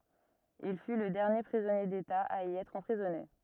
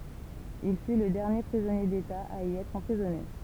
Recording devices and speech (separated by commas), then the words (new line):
rigid in-ear microphone, temple vibration pickup, read sentence
Il fut le dernier prisonnier d'État à y être emprisonné.